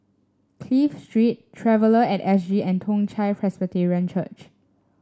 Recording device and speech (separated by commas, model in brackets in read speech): standing microphone (AKG C214), read sentence